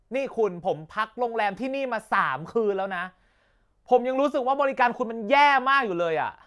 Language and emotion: Thai, angry